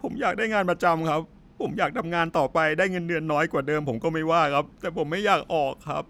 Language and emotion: Thai, sad